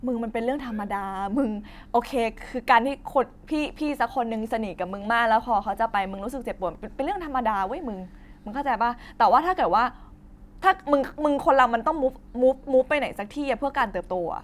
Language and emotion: Thai, frustrated